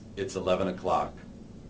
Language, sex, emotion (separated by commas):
English, male, neutral